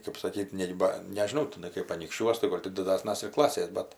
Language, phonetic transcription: Lithuanian, kap saˈkyt' ˈnei ba nežiˈnau tiˈnai kaip anykšˈčiuos tai ˈgol' ti diˈdasnas ir ˈklasės ˈbet

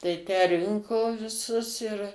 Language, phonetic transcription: Lithuanian, tai ˈtę ˈrinko viˈsus ir

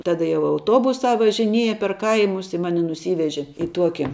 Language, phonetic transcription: Lithuanian, ˈtada jau auˈtuobusā važiˈnieja per ˈkaimus i ˈmani nuˈsyveži i ˈtuoki

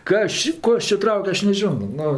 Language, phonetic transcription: Lithuanian, ˈkas či ˈko aš či ˈtrauk' ˈaš neˈžiono ˈnu

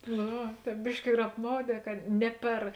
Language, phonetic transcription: Lithuanian, no ˈva ˈtēp ˈbiški ir apˈmauˌdē kad ˈne per

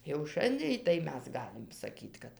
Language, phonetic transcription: Lithuanian, jau ˈšandėj tai ˈmes ˈgalim saˈkyt kad

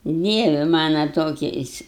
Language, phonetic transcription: Lithuanian, ˈdievi ˈmano ˈtokiais

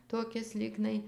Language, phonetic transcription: Lithuanian, toˈkis ˈlygnai

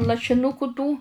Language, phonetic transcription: Lithuanian, lašiˈnuku tų

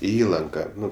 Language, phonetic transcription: Lithuanian, i ˈįlanka ˈnu

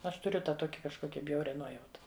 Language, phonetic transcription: Lithuanian, ˈaš tuˈriu ˈtą ˈtoki kažˈkokia ˈbjauria ˈnuojauta

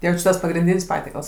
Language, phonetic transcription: Lithuanian, ˈjau či ˈtas ˈpagrinˈdyn's' ˈpatiekals

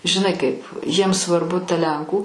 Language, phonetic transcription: Lithuanian, žiˈnai kaip jiems svarˈbu ta ˈlenkų

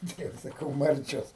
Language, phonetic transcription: Lithuanian, ˈtai jau saˈkau ˈmarčios

